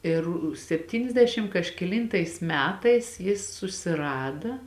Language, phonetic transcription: Lithuanian, ˈir sepˈtyniasdešim kažkeˈlyntais ˈmetais ˈjis susiˈrada

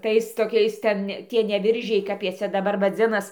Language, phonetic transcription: Lithuanian, ˈtais toˈkiais ˈten ˈtie ne ˈviržiai kap ˈjie ˈcia daˈbar vaˈdzinas

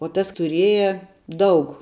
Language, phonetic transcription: Lithuanian, o ˈtas tuˈrėja ˈdaug

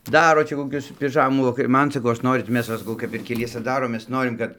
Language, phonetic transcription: Lithuanian, ˈdaro ˈčia koˈkius piˈžamų vaˈkar' ˈman saˈkau ˈaš ˈnorit ˈmes va saˈkau kap ir keˈliese ˈdarom ˈmes ˈnorim kad

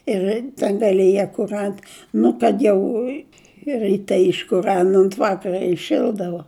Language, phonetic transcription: Lithuanian, ir ta daliˈje kur ˈant ˈnu kad jau i riˈte iškuˈran ont ˈvakara iˈšildavo

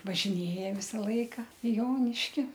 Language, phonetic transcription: Lithuanian, važiˈnėja ˈvisa ˈlaika i ˈjoniški

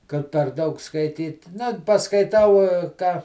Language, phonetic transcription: Lithuanian, kad per ˈdaug skaiˈtyt ˈna paskaiˈtau ˈką

